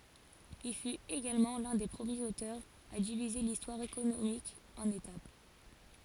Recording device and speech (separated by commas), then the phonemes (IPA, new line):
forehead accelerometer, read sentence
il fyt eɡalmɑ̃ lœ̃ de pʁəmjez otœʁz a divize listwaʁ ekonomik ɑ̃n etap